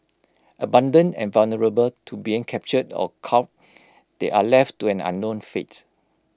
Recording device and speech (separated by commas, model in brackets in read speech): close-talking microphone (WH20), read sentence